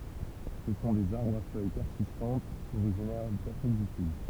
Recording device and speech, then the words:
temple vibration pickup, read sentence
Ce sont des arbres à feuilles persistantes originaires d'Afrique du Sud.

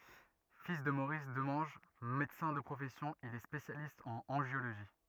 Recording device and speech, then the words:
rigid in-ear microphone, read sentence
Fils de Maurice Demange, médecin de profession, il est spécialiste en angiologie.

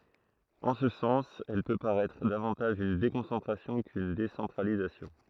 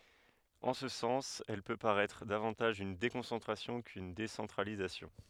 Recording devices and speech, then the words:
throat microphone, headset microphone, read sentence
En ce sens, elle peut paraître davantage une déconcentration qu'une décentralisation.

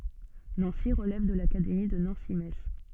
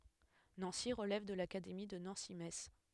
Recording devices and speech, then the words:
soft in-ear microphone, headset microphone, read sentence
Nancy relève de l'académie de Nancy-Metz.

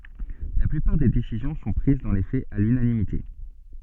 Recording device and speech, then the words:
soft in-ear microphone, read sentence
La plupart des décisions sont prises dans les faits à l'unanimité.

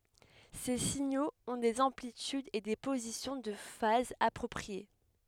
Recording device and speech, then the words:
headset microphone, read sentence
Ces signaux ont des amplitudes et des positions de phase appropriées.

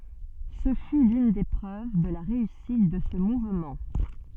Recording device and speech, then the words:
soft in-ear microphone, read sentence
Ce fut l'une des preuves de la réussite de ce mouvement.

